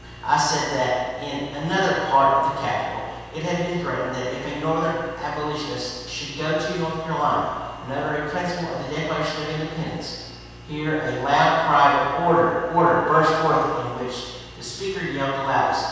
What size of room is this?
A large and very echoey room.